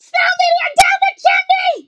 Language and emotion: English, surprised